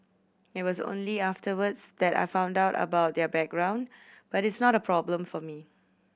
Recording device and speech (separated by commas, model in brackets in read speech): boundary microphone (BM630), read sentence